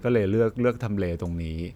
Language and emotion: Thai, neutral